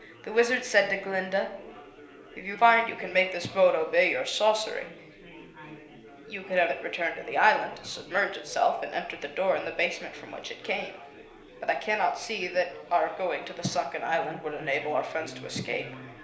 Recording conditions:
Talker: one person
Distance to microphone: 1.0 m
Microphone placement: close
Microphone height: 1.1 m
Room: small (3.7 m by 2.7 m)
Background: babble

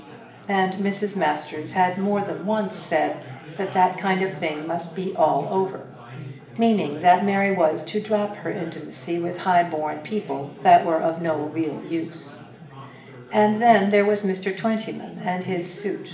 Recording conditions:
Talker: one person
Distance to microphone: 1.8 m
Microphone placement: close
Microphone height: 1.0 m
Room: large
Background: babble

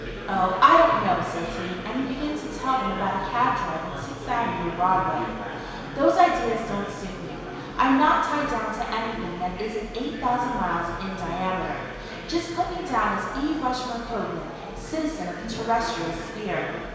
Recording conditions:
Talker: one person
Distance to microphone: 1.7 m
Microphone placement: close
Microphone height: 1.0 m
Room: very reverberant, large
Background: babble

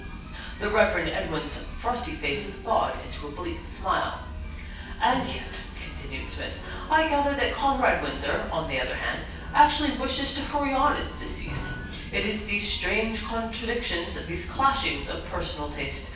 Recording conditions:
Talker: one person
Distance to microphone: 9.8 m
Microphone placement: far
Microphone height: 1.8 m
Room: large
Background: music

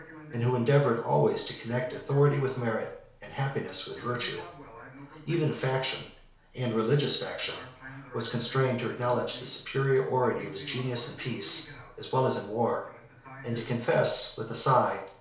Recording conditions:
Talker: one person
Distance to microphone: 1.0 m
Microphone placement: close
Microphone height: 1.1 m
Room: small (3.7 m by 2.7 m)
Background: television

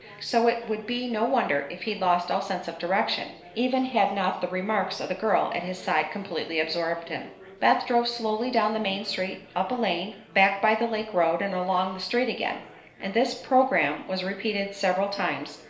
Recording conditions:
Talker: one person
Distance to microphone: 1.0 m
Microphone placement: close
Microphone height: 1.1 m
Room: small (3.7 m by 2.7 m)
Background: babble

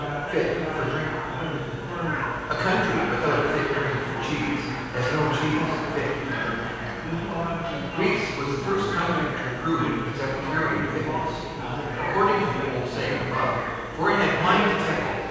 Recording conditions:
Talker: one person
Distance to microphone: 7.1 m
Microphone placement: far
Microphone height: 1.7 m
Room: very reverberant, large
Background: babble

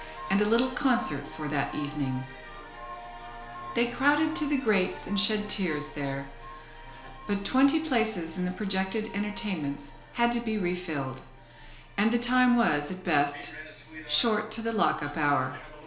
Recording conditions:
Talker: one person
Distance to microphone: 1.0 m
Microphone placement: close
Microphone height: 1.1 m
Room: small (3.7 m by 2.7 m)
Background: television

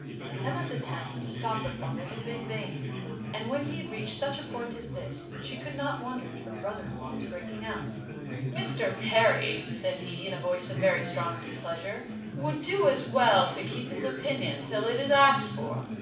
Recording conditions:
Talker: one person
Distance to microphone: 5.8 m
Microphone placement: far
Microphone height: 1.8 m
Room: medium-sized (5.7 m by 4.0 m)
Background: babble

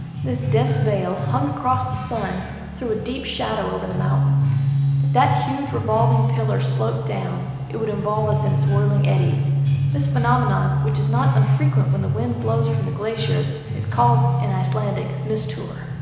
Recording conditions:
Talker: one person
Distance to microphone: 1.7 m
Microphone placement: close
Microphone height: 1.0 m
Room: very reverberant, large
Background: music

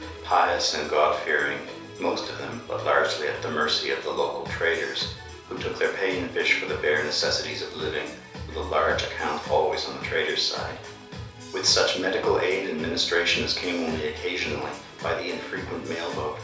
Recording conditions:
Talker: one person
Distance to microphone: 3.0 m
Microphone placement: far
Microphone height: 1.8 m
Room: small (3.7 m by 2.7 m)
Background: music

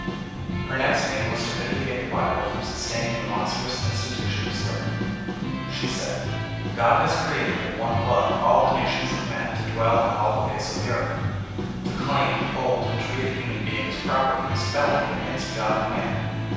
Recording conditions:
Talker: one person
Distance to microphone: 7.1 m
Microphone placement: far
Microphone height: 1.7 m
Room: very reverberant, large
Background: music

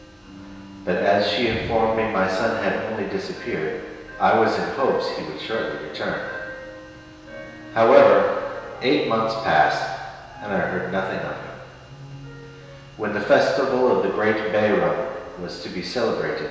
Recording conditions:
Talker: one person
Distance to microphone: 1.7 m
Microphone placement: close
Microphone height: 1.0 m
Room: very reverberant, large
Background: music

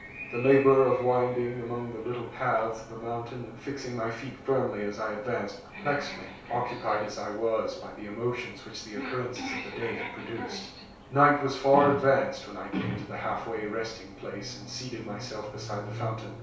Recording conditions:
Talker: one person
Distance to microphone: 3.0 m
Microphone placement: far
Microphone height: 1.8 m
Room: small (3.7 m by 2.7 m)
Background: television

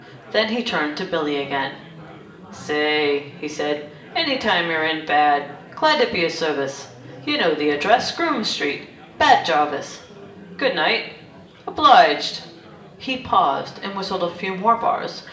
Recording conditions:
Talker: one person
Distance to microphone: 1.8 m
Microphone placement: close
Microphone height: 1.0 m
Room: large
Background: babble

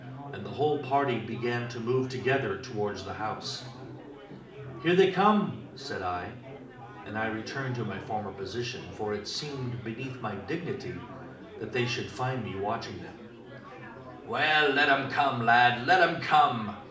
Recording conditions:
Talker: one person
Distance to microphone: 2.0 m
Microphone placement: close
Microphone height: 99 cm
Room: medium-sized (5.7 m by 4.0 m)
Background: babble

